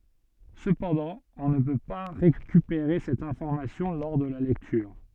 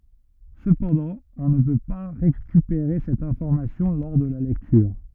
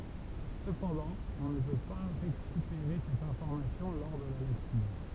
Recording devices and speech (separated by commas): soft in-ear microphone, rigid in-ear microphone, temple vibration pickup, read sentence